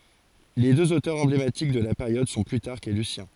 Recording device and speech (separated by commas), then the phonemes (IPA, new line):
forehead accelerometer, read sentence
le døz otœʁz ɑ̃blematik də la peʁjɔd sɔ̃ plytaʁk e lysjɛ̃